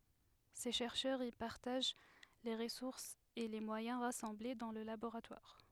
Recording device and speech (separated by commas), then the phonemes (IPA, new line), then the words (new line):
headset microphone, read sentence
se ʃɛʁʃœʁz i paʁtaʒ le ʁəsuʁsz e le mwajɛ̃ ʁasɑ̃ble dɑ̃ lə laboʁatwaʁ
Ces chercheurs y partagent les ressources et les moyens rassemblés dans le laboratoire.